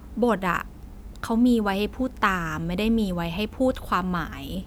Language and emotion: Thai, frustrated